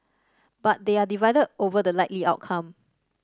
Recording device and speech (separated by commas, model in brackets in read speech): standing microphone (AKG C214), read sentence